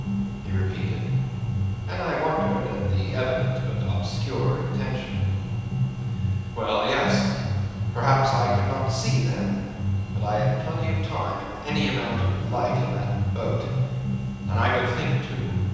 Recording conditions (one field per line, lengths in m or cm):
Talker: one person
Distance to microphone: 7.1 m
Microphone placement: far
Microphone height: 1.7 m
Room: very reverberant, large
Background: music